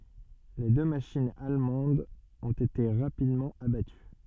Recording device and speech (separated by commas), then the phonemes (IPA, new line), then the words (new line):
soft in-ear microphone, read sentence
le dø maʃinz almɑ̃dz ɔ̃t ete ʁapidmɑ̃ abaty
Les deux machines allemandes ont été rapidement abattues.